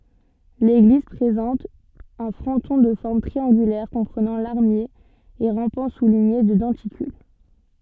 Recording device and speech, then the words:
soft in-ear microphone, read sentence
L'église présente un fronton de forme triangulaire comprenant larmier et rampants soulignés de denticules.

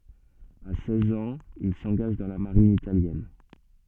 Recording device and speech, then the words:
soft in-ear microphone, read sentence
À seize ans, il s'engage dans la Marine italienne.

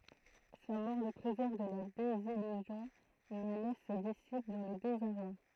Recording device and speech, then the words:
throat microphone, read sentence
Sa mort le préserve de la désillusion, mais laisse ses disciples dans le désarroi.

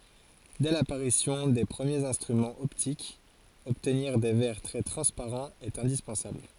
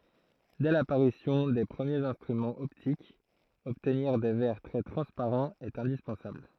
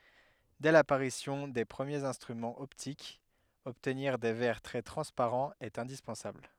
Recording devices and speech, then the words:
forehead accelerometer, throat microphone, headset microphone, read sentence
Dès l'apparition des premiers instruments optiques, obtenir des verres très transparents est indispensable.

